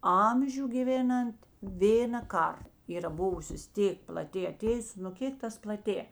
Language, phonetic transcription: Lithuanian, ˈamžiu giˈvėnant ˈvėna ˈkar ˈyra ˈbuvusios ˈtėk plaˈtė aˈtėjus nu ˈkėk tas plaˈtė

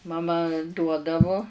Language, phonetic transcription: Lithuanian, maˈma ˈduodavu

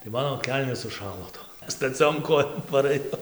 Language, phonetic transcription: Lithuanian, tai ˈmano ˈkelnės suˈšalo ˈtom staˈciom ˈkojom parɘˈjau

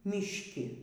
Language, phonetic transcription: Lithuanian, mišˈki

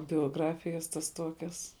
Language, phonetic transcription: Lithuanian, bioˈgrafijas tas ˈtuokias

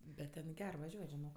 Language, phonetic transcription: Lithuanian, bet ten ˈger vaˈžiuot' žiˈnok

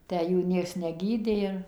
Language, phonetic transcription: Lithuanian, ˈtę ˈjų ˈnieks neˈgydė ir

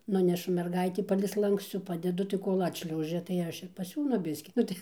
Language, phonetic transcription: Lithuanian, ˈnunešu mergaitį ˈpalei ˈslankscų ˈpadedu tai ˈkol' ˈatšliaužia tai ˈaš ir paˈsiūnu ˈbiskį ˈnu tai

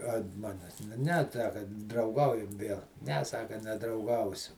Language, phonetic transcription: Lithuanian, ant ˈmanes nu ne atˈsaka drauˈgaujam ˈvėl ne ˈsaka nedrauˈgausiu

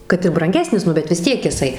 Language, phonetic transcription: Lithuanian, ˈkad ir branˈgesnis ˈnu bet vis ˈtiek jiˈsai

